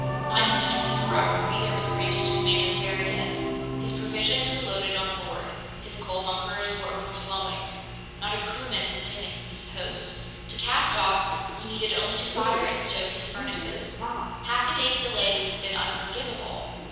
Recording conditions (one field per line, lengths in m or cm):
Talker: one person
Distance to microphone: 7.1 m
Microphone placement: far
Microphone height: 1.7 m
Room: very reverberant, large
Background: television